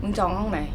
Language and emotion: Thai, neutral